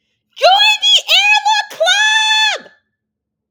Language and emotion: English, happy